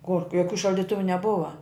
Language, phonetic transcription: Lithuanian, kork joˈkių šaldiˈtuvu neˈbuva

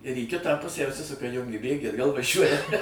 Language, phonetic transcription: Lithuanian, ir į ˈkitą ˈpusę užˈsisuka ˈjungi ˈbėgį atˈgal vaˈžiuoja

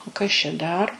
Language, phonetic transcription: Lithuanian, o ˈkas čia ˈdar

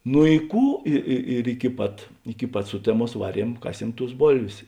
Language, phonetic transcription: Lithuanian, nu i ˈkų ˈi i ir iki ˈpat iki ˈpat ˈsuteˌmuos ˈvaˌriem ˈkaˌsiem tus ˈbolvės

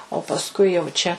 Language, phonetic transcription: Lithuanian, o pasˈkui jau ˈčia

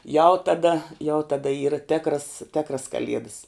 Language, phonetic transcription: Lithuanian, jau taˈda jau taˈda ˈyra ˈtėkras ˈtėkras kaˈliedas

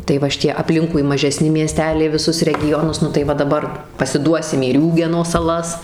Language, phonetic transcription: Lithuanian, tai ˈva šiˈtie apˈlinkui mažeˈsni mieˈsteliai viˈsus regiˈjonus nu tai ˈva daˈbar pasiˈduosim į ˈriūgeno saˈlas

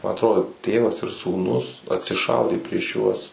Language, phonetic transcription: Lithuanian, ma atˈrodo ˈtėvas ir sūˈnus atsiˈšaudė prieš ˈjuos

